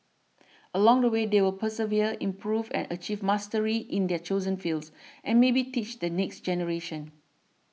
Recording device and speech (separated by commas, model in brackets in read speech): mobile phone (iPhone 6), read sentence